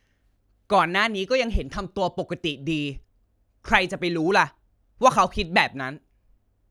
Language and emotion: Thai, frustrated